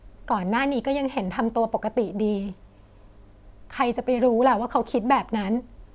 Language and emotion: Thai, sad